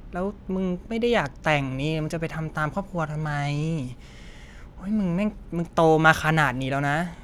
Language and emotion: Thai, frustrated